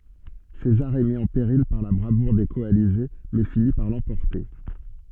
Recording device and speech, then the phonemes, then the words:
soft in-ear microphone, read sentence
sezaʁ ɛ mi ɑ̃ peʁil paʁ la bʁavuʁ de kɔalize mɛ fini paʁ lɑ̃pɔʁte
César est mis en péril par la bravoure des coalisés, mais finit par l'emporter.

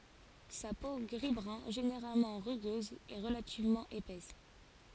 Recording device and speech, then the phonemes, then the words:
forehead accelerometer, read sentence
sa po ɡʁizbʁœ̃ ʒeneʁalmɑ̃ ʁyɡøz ɛ ʁəlativmɑ̃ epɛs
Sa peau gris-brun généralement rugueuse est relativement épaisse.

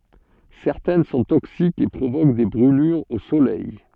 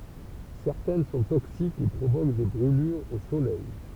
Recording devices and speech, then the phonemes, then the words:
soft in-ear microphone, temple vibration pickup, read sentence
sɛʁtɛn sɔ̃ toksikz e pʁovok de bʁylyʁz o solɛj
Certaines sont toxiques et provoquent des brûlures au soleil.

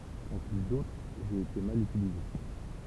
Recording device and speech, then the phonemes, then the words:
temple vibration pickup, read sentence
ɑ̃ ply dotʁ ʒe ete mal ytilize
En plus d'autres, j'ai été mal utilisé.

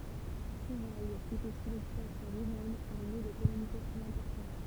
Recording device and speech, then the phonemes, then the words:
temple vibration pickup, read sentence
koʁɛ etɛ su lɔkypasjɔ̃ ʁomɛn œ̃ nø də kɔmynikasjɔ̃ ɛ̃pɔʁtɑ̃
Coray était sous l'occupation romaine un nœud de communication important.

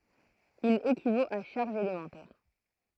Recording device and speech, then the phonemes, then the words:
throat microphone, read sentence
il ekivot a ʃaʁʒz elemɑ̃tɛʁ
Il équivaut à charges élémentaires.

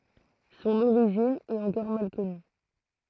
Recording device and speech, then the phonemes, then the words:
throat microphone, read sentence
sɔ̃n oʁiʒin ɛt ɑ̃kɔʁ mal kɔny
Son origine est encore mal connue.

